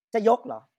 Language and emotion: Thai, angry